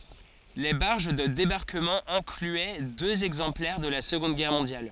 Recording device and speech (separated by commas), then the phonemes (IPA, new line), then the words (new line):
forehead accelerometer, read sentence
le baʁʒ də debaʁkəmɑ̃ ɛ̃klyɛ døz ɛɡzɑ̃plɛʁ də la səɡɔ̃d ɡɛʁ mɔ̃djal
Les barges de débarquement incluaient deux exemplaires de la Seconde Guerre mondiale.